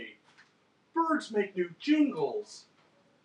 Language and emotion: English, happy